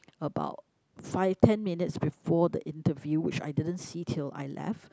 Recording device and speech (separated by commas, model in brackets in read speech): close-talking microphone, conversation in the same room